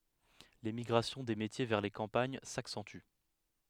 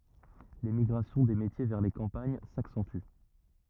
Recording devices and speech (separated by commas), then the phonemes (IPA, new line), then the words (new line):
headset microphone, rigid in-ear microphone, read sentence
lemiɡʁasjɔ̃ de metje vɛʁ le kɑ̃paɲ saksɑ̃ty
L'émigration des métiers vers les campagnes s'accentue.